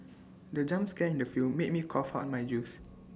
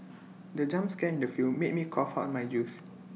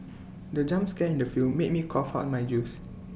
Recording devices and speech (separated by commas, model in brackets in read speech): standing microphone (AKG C214), mobile phone (iPhone 6), boundary microphone (BM630), read sentence